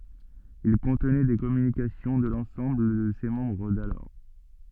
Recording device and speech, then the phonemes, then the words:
soft in-ear microphone, read sentence
il kɔ̃tnɛ de kɔmynikasjɔ̃ də lɑ̃sɑ̃bl də se mɑ̃bʁ dalɔʁ
Il contenait des communications de l’ensemble de ses membres d’alors.

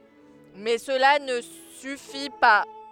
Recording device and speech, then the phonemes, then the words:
headset microphone, read sentence
mɛ səla nə syfi pa
Mais cela ne suffit pas.

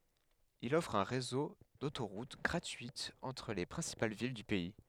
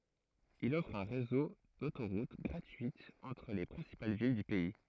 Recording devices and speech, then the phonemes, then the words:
headset microphone, throat microphone, read sentence
il ɔfʁ œ̃ ʁezo dotoʁut ɡʁatyitz ɑ̃tʁ le pʁɛ̃sipal vil dy pɛi
Il offre un réseau d'autoroutes gratuites entre les principales villes du pays.

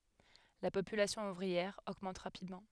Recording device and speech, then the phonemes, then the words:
headset microphone, read sentence
la popylasjɔ̃ uvʁiɛʁ oɡmɑ̃t ʁapidmɑ̃
La population ouvrière augmente rapidement.

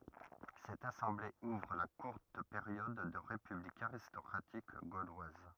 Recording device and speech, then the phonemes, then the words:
rigid in-ear microphone, read sentence
sɛt asɑ̃ble uvʁ la kuʁt peʁjɔd də ʁepyblik aʁistɔkʁatik ɡolwaz
Cette assemblée ouvre la courte période de république aristocratique gauloise.

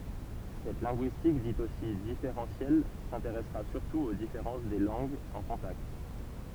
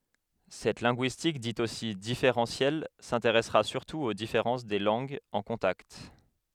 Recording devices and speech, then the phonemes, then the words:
temple vibration pickup, headset microphone, read sentence
sɛt lɛ̃ɡyistik dit osi difeʁɑ̃sjɛl sɛ̃teʁɛsʁa syʁtu o difeʁɑ̃s de lɑ̃ɡz ɑ̃ kɔ̃takt
Cette linguistique dite aussi différentielle s'intéressera surtout aux différences des langues en contact.

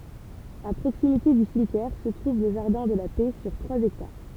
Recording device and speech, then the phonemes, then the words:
temple vibration pickup, read sentence
a pʁoksimite dy simtjɛʁ sə tʁuv lə ʒaʁdɛ̃ də la pɛ syʁ tʁwaz ɛktaʁ
À proximité du cimetière se trouve le jardin de la Paix sur trois hectares.

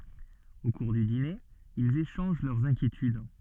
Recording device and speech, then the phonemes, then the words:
soft in-ear microphone, read sentence
o kuʁ dy dine ilz eʃɑ̃ʒ lœʁz ɛ̃kjetyd
Au cours du dîner, ils échangent leurs inquiétudes.

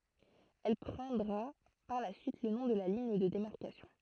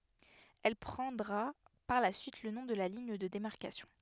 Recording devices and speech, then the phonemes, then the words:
throat microphone, headset microphone, read sentence
ɛl pʁɑ̃dʁa paʁ la syit lə nɔ̃ də liɲ də demaʁkasjɔ̃
Elle prendra par la suite le nom de ligne de démarcation.

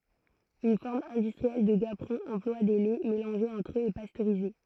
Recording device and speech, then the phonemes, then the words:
throat microphone, read sentence
yn fɔʁm ɛ̃dystʁiɛl də ɡapʁɔ̃ ɑ̃plwa de lɛ melɑ̃ʒez ɑ̃tʁ øz e pastøʁize
Une forme industrielle de gaperon emploie des laits mélangés entre eux et pasteurisés.

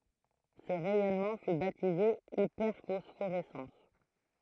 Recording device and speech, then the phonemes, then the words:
throat microphone, read sentence
sə ʁɛjɔnmɑ̃ fy batize ipɛʁfɔsfoʁɛsɑ̃s
Ce rayonnement fut baptisé hyperphosphorescence.

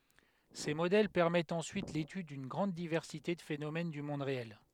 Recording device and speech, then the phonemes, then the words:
headset microphone, read sentence
se modɛl pɛʁmɛtt ɑ̃syit letyd dyn ɡʁɑ̃d divɛʁsite də fenomɛn dy mɔ̃d ʁeɛl
Ces modèles permettent ensuite l'étude d'une grande diversité de phénomène du monde réel.

